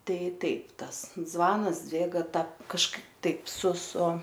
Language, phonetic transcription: Lithuanian, ˈtai ˈtaip ˈtas ˈzvanas ˈdzvėga ta kažˈkaip ˈtaip su su

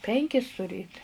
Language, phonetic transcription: Lithuanian, ˈpenkis tuˈrėt

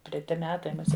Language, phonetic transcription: Lithuanian, treˈti ˈmetai muˈsie

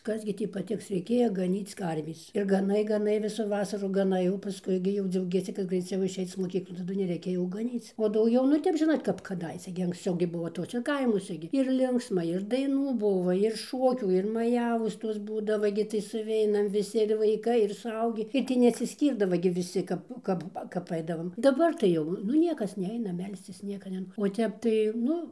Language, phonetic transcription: Lithuanian, ˈkas gi ˈtį paˈtiks reiˈkėja gaˈnyc ˈkarvės ir gaˈnai gaˈnai ˈvisų ˈvasarų gaˈnai paˈskui gi jau dziauˈgiesi kad greiˈciau išˈeic moˈkyklon taˈdu neˈreikia jau gaˈnyc o dauˈgiau nu ˈtep ˈžinot kap kaˈdaise gi anksˈciau gi ˈbuo ˈtuose ˈkaimuose gi irˈlinksma ir daiˈnų ˈbuvo ir ˈšokių ir maˈjavos ˈtos ˈbūdava gi tai suˈveinam viˈsi ir vaiˈkai ir suˈaugį ir ˈtį nesiˈskyrdavo gi viˈsi kap ˈkap kap ˈaidavom ˈdabar tai ˈjau nu ˈniekas ˈneina ˈmelscis ˈnieka nen o ˈtep tai ˈnu

